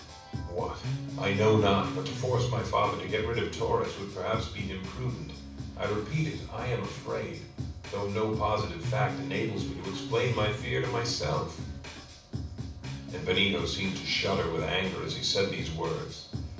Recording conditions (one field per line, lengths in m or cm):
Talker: one person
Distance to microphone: 5.8 m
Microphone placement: far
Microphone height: 1.8 m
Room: medium-sized (5.7 m by 4.0 m)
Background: music